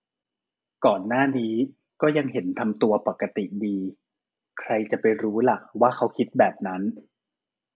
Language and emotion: Thai, neutral